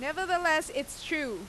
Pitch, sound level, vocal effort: 310 Hz, 94 dB SPL, loud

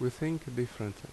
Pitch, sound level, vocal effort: 125 Hz, 77 dB SPL, loud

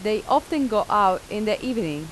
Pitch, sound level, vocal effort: 210 Hz, 88 dB SPL, normal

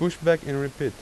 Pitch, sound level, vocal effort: 160 Hz, 88 dB SPL, normal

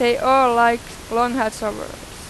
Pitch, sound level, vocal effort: 235 Hz, 96 dB SPL, very loud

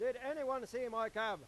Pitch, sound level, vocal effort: 245 Hz, 105 dB SPL, very loud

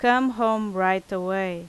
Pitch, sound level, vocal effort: 190 Hz, 89 dB SPL, very loud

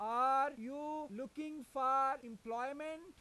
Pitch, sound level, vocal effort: 270 Hz, 100 dB SPL, very loud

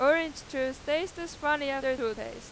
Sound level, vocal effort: 65 dB SPL, soft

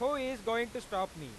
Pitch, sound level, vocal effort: 230 Hz, 102 dB SPL, loud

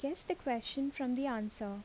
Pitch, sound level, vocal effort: 265 Hz, 77 dB SPL, soft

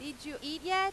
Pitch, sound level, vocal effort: 300 Hz, 97 dB SPL, very loud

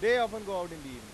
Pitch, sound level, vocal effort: 180 Hz, 103 dB SPL, very loud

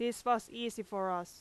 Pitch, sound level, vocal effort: 220 Hz, 89 dB SPL, very loud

